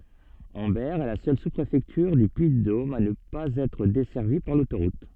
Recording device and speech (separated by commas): soft in-ear microphone, read sentence